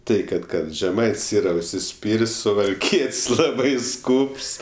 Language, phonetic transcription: Lithuanian, ˈtai ˈkad ˈkad žeˈmait's' ˈyra užsiˈspyr's' suvalˈkiet's' ˈlabai ˈskūps

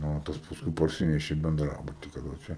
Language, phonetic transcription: Lithuanian, ˈnu o ˈtas pasˈkui parˈsineši i benˈdrabuti kaˈroče

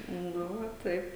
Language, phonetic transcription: Lithuanian, ˈnu va ˈtaip

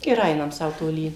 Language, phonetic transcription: Lithuanian, ir ˈainam ˈsau toˈly

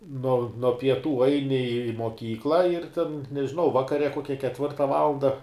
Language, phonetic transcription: Lithuanian, no no pieˈtų ˈaini i moˈkykla ir ten nežiˈnau ˈvakare ˈkokia ketˈvirta ˈvalanda

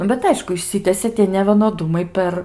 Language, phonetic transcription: Lithuanian, ˈnu bet ˈaišku išˈsitesė tie nevienoˈdumai ˈper

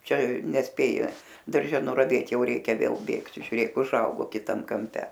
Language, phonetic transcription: Lithuanian, ˈčia nesˈpėji darˈže nuraˈvėt ˈjau ˈreikia ˈvėl ˈbėgt žiuˈrėk uˈžaugo kiˈtam kamˈpe

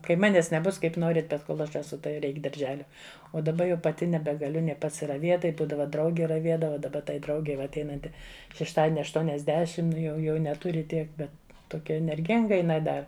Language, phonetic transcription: Lithuanian, ˈkai ˈmanes neˈbus ˈkaip ˈnorit ˈbet ˈkol ˈaš eˈsu tai ˈreik darˈželia o daˈba jau paˈti nebegaˈliu ˈnė pasiraˈvėt ˈtai ˈbūdava ˈdraugi raˈviedava daˈba tai ˈdraugei va atˈeinanti šešˈtadieni aštuoniasˈdešim ˈnu jau ˈjau neˈturi ˈtiek ˈbet toˈkia enerˈginga iˈnai ˈda

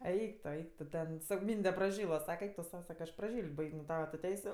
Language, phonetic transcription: Lithuanian, ˈeik to ˈeik to ˈten ˈsako ˈmynde praˈžyla ˈsake ˈeik tu ˈsau ˈsaka aš praˈžyl't' ˈbaig' nu ˈtava tu ˈteisiu

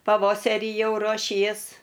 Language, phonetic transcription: Lithuanian, paˈvoseri ˈjau ruoˈšies

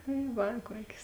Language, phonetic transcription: Lithuanian, tai ˈva ˈkuokės

